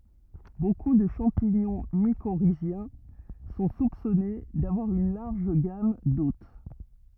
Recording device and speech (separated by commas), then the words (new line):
rigid in-ear microphone, read sentence
Beaucoup de champignons mycorhiziens sont soupçonnées d'avoir une large gamme d'hôtes.